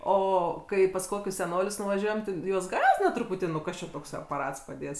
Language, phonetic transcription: Lithuanian, ˈo ˈkai pas ˈkokius seˈnolius nuvaˈžiuojam ti ˈjuos ˈgąsdina truˈputį nu ˈkas čia tokˈsai apaˈrats paˈdėts

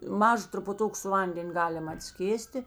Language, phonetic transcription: Lithuanian, ˈmaža trupuˈtuk su ˈvanden' ˈgalim atˈskėsti

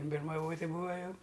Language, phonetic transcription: Lithuanian, birmaˈvoti ˈbūa ˈjau

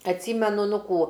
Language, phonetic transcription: Lithuanian, atˈsymenu ˈnu ˈkų

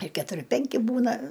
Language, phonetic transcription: Lithuanian, ir ketuˈri ˈpenki ˈbūna

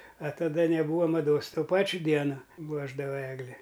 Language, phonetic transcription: Lithuanian, a taˈda neˈbūva maˈdos ˈto ˈpačiu ˈdieno ˈpuošdava ˈegli

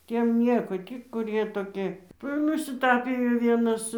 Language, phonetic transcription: Lithuanian, ˈtiem ˈnieko ˈtį kuˈrie toˈki ˈva ir nusiˈtapijo ˈvienas

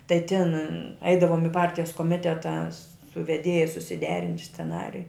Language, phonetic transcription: Lithuanian, tai tin ˈeidavom i ˈpartijas koˈmiteta su veˈdėja susiˈderint' sceˈnariju

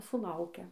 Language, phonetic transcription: Lithuanian, suˈlaukia

